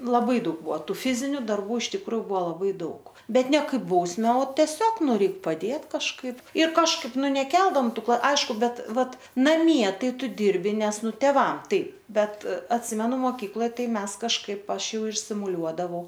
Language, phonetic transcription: Lithuanian, laˈbai ˈdaug ˈbuo ˈtų ˈfiziniu darˈbų iš tikˈrųju ˈbuo laˈbai ˈdaug ˈ bet ˈne ˈkaip bausˈme o teˈsiog ˈnu ˈreik paˈdėt kažˈkaip ir kažˈkaip ˈnu neˈkeldom ˈtu kl ˈaišku ˈbet ˈvat naˈmie ˈtai ˈtu ˈdirbi ˈnes ˈnu teˈvam ˈtaip ˈbet atˈsimenu moˈkykloj ˈtai ˈmes kažˈkaip ˈaš ˈjau ir simuˈliuodavau

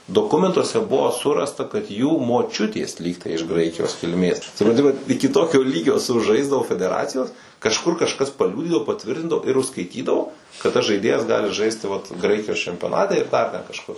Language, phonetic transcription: Lithuanian, doˈkumentuose ˈbuvo ˈsurasta kad jų moˈčiutės ˈlygtai iš ˈgraikijos kilˈmės supranˈti ˈvat ˈiki ˈtokio ˈlygio suˈžaisdavo fedeˈracijos kažˈkur kažˈkas paˈliūdydavo paˈtvirtindavo ir užskaiˈtydavo kad tas ˈžaidėjas ˈgali ˈžaisti vat ˈgraikijos čempioˈnate ir ˈdar ten kažˈkur

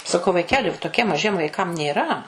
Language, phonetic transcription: Lithuanian, saˈkau vaiˈkeli toˈkiem maˈžiem vaiˈkam nėˈra

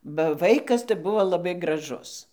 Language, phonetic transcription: Lithuanian, ba ˈvaikas tai ˈbuvo laˈbai graˈžus

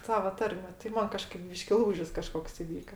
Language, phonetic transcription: Lithuanian, ˈsava ˈtarme tai ˈman kaˈžkaip ˈbyški ˈlūžis kaˈžkoks iˈvyka

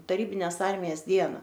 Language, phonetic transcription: Lithuanian, taˈrybinės ˈarmijas ˈdiena

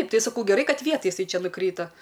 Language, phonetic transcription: Lithuanian, ˈtai saˈkau geˈrai ˈkad ˈvietaj jiˈsai ˈčia nuˈkryta

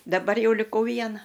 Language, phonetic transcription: Lithuanian, daˈbar ˈjau liˈkau ˈviena

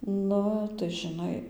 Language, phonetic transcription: Lithuanian, ˈnu tai žiˈnai

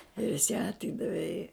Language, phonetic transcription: Lithuanian, ir jis ją atˈydave i

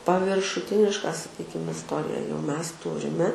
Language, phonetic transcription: Lithuanian, paviršuˈtiniška saˈkykim isˈtorija jau mes ˈturime

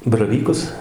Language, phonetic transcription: Lithuanian, baraˈvykus

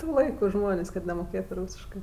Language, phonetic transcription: Lithuanian, ˈtų ˈlaiku ˈžmonės' kad nemoˈkėtu ˈrūsiškɜ

